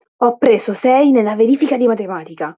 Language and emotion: Italian, angry